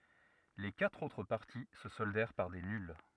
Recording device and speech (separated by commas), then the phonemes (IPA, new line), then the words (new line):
rigid in-ear microphone, read sentence
le katʁ otʁ paʁti sə sɔldɛʁ paʁ de nyl
Les quatre autres parties se soldèrent par des nulles.